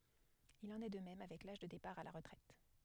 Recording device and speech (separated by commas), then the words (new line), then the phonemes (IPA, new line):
headset microphone, read sentence
Il en est de même avec l'âge de départ à la retraite.
il ɑ̃n ɛ də mɛm avɛk laʒ də depaʁ a la ʁətʁɛt